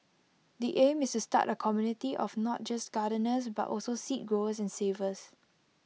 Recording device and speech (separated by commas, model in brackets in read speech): mobile phone (iPhone 6), read sentence